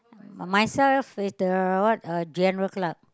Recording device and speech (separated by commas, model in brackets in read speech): close-talking microphone, conversation in the same room